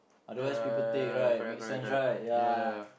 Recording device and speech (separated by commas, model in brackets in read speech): boundary microphone, conversation in the same room